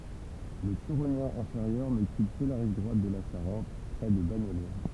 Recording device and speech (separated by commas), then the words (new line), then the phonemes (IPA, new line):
temple vibration pickup, read sentence
Le Turonien inférieur n'occupe que la rive droite de la Charente, près de Bagnolet.
lə tyʁonjɛ̃ ɛ̃feʁjœʁ nɔkyp kə la ʁiv dʁwat də la ʃaʁɑ̃t pʁɛ də baɲolɛ